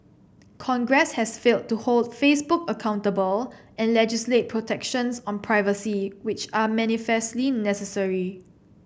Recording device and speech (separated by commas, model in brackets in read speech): boundary microphone (BM630), read sentence